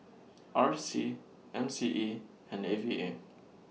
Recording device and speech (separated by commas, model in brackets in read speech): mobile phone (iPhone 6), read sentence